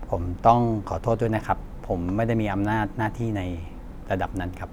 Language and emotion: Thai, neutral